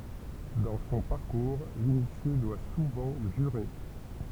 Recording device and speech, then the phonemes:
temple vibration pickup, read sentence
dɑ̃ sɔ̃ paʁkuʁ linisje dwa suvɑ̃ ʒyʁe

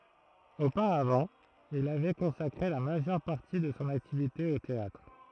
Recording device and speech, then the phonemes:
throat microphone, read sentence
opaʁavɑ̃ il avɛ kɔ̃sakʁe la maʒœʁ paʁti də sɔ̃ aktivite o teatʁ

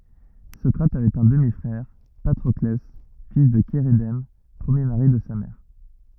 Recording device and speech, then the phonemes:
rigid in-ear microphone, read sentence
sɔkʁat avɛt œ̃ dəmi fʁɛʁ patʁɔklɛ fil də ʃeʁedɛm pʁəmje maʁi də sa mɛʁ

